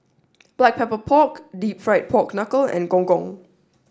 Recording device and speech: standing microphone (AKG C214), read sentence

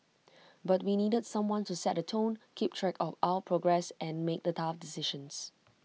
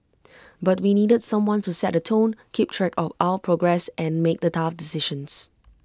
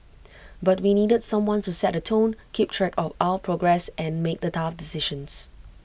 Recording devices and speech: mobile phone (iPhone 6), close-talking microphone (WH20), boundary microphone (BM630), read sentence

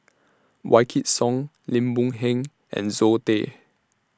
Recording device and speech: standing microphone (AKG C214), read sentence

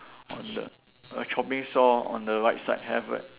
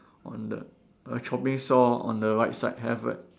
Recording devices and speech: telephone, standing microphone, conversation in separate rooms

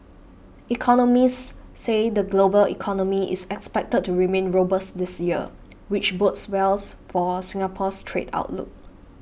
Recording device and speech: boundary microphone (BM630), read sentence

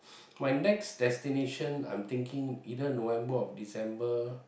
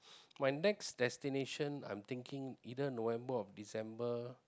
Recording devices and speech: boundary microphone, close-talking microphone, conversation in the same room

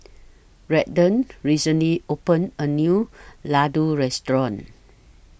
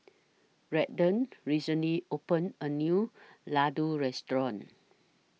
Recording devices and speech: boundary microphone (BM630), mobile phone (iPhone 6), read sentence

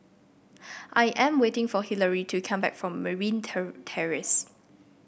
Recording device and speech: boundary microphone (BM630), read sentence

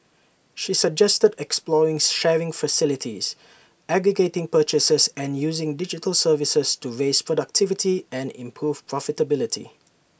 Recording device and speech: boundary microphone (BM630), read sentence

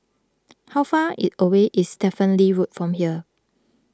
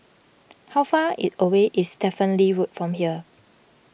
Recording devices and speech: close-talking microphone (WH20), boundary microphone (BM630), read sentence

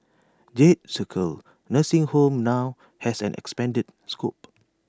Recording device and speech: standing microphone (AKG C214), read sentence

